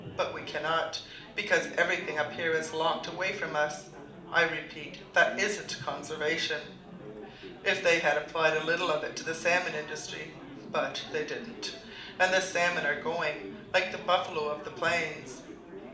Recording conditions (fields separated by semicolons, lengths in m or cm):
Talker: one person; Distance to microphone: 2.0 m; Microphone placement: close; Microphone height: 99 cm; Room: medium-sized (5.7 m by 4.0 m); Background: babble